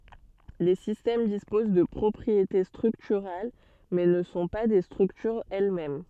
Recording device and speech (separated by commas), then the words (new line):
soft in-ear microphone, read sentence
Les systèmes disposent de propriétés structurales, mais ne sont pas des structures elles-mêmes.